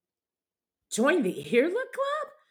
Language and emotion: English, happy